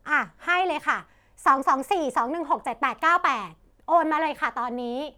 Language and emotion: Thai, neutral